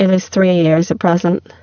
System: VC, spectral filtering